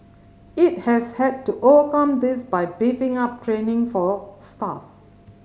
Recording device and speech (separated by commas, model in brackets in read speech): mobile phone (Samsung C5010), read sentence